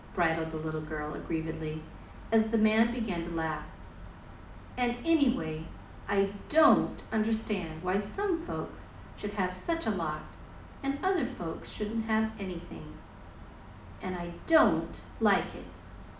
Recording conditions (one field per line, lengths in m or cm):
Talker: one person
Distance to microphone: 2.0 m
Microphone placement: close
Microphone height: 99 cm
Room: medium-sized (5.7 m by 4.0 m)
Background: none